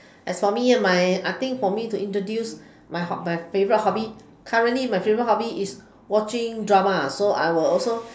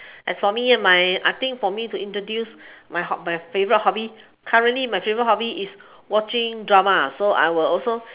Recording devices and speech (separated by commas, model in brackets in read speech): standing microphone, telephone, conversation in separate rooms